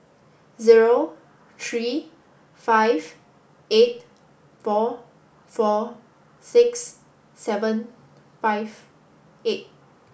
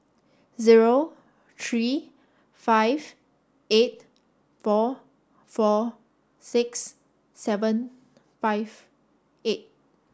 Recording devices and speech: boundary microphone (BM630), standing microphone (AKG C214), read sentence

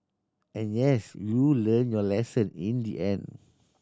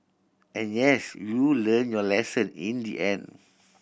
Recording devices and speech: standing microphone (AKG C214), boundary microphone (BM630), read sentence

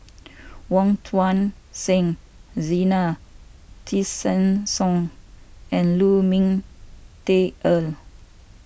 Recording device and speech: boundary microphone (BM630), read sentence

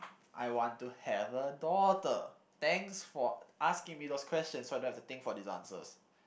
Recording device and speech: boundary microphone, conversation in the same room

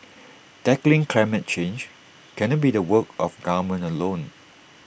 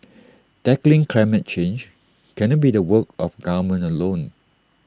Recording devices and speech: boundary microphone (BM630), standing microphone (AKG C214), read sentence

